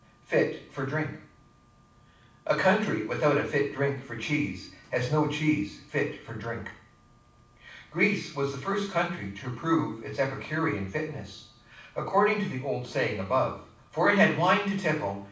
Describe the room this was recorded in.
A medium-sized room (about 5.7 m by 4.0 m).